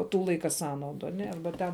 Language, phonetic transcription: Lithuanian, ˈtų ˈlaika ˈsąnaudu aˈne ˈarba ten

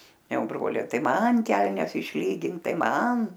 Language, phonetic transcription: Lithuanian, ˈjau ˈbroliai ˈtai ˈman ˈkelnes išˈlygink ˈtai ˈman

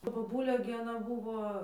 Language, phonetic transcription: Lithuanian, ta boˈbulė gi aˈna ˈbūvo

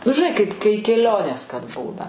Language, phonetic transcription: Lithuanian, nu žiˈnai kaip ˈkai keˈlionės kad ˈbūna

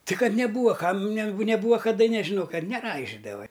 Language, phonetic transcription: Lithuanian, ti ˈkad neˈbūva ˈkam ne neˈbūva kaˈda nežiˈno ˈkad neˈraižidava

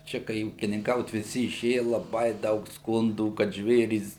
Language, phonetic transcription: Lithuanian, ˈčia kai ūkininˈkaut viˈsi iˈšėja laˈbai ˈdaug ˈskundų kad ˈžvėrys

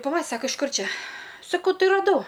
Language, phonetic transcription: Lithuanian, paˈla ˈsaka iš ˈkur ˈčia saˈkau ˈtai raˈdau

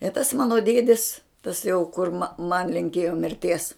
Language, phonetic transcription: Lithuanian, i tas ˈmano ˈdiedis tas jau kur ma man linˈkėjo mirˈties

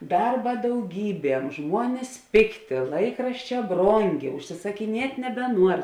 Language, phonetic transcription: Lithuanian, ˈdarba dauˈgyˌbiem ˈžmuonis ˈpėkˌtė ˈlaikrašˌčē ˈbronˌgė užsisakiˈniet' nebeˈnuor

